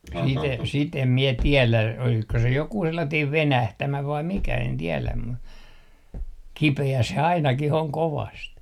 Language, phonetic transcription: Finnish, sit ‿em , sit ‿em mie 'tielä olisko se 'jokuu 'sellatiim "venähtämä vaim 'mikä en tieläm mu , "kipe₍ä se 'ainakih ‿oŋ 'kovast .
- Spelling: sitä en sitä en minä tiedä olisiko se joku sellainen venähtämä vai mikä en tiedä mutta kipeä se ainakin on kovasti

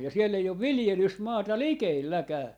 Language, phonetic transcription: Finnish, ja 'siell ‿ei ov "vilⁱjelysmaata "likeelläkää .
- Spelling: ja siellä ei ole viljelysmaata likelläkään

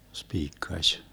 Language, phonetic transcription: Finnish, 'spiikkaś .
- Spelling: spiikkasi

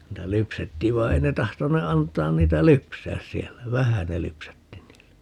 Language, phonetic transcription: Finnish, 'niitä "lypsettiiv vai̮ 'ei ne 'tahtone 'antaan 'niitä "lypsääs 'siɛllä , "vähä ne 'lypsätti 'niillä .
- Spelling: niitä lypsettiin vaan ei ne tahtoneet antaa niitä lypsää siellä vähän ne lypsätti niillä

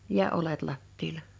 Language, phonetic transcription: Finnish, ja 'olet 'lattiila .
- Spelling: ja oljet lattialla

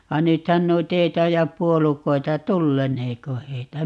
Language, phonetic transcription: Finnish, 'va "nythän 'noit ‿ei 'taijap "puolukoi̮ta - "tulleneeko 'heitä ?
- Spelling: vaan nythän noita ei taida puolukoita tulleeko heitä

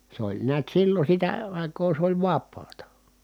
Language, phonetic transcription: Finnish, se ‿oĺ niät sillo sitä ài̮koo sᵉ ‿oĺ vap̆paata .
- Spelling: se oli näet silloin sitä aikaa se oli vapaata

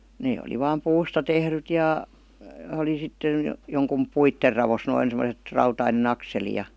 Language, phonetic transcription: Finnish, 'nee oli vaam "puusta 'tehryt jà , 'oli sitten̬ , 'joŋkum "puitter ravos noin sem°set , 'rautaine"n ‿akseli ja .
- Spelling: ne oli vain puusta tehdyt ja oli sitten jonkun puiden raossa noin semmoiset rautainen akseli ja

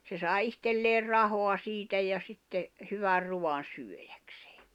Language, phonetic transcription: Finnish, se sài 'ihtelleer "rahoa 'siitä ja sitte , hyvär 'ruwan̬ 'syöjäksᴇᴇ .
- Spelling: se sai itselleen rahaa siitä ja sitten hyvän ruuan syödäkseen

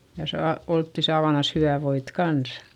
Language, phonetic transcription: Finnish, ja saa , oltti saavanas hyvä̀ voit kans .
- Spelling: ja saa oltiin saavanansa hyvää voita kanssa

